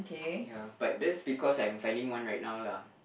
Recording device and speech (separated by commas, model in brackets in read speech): boundary microphone, conversation in the same room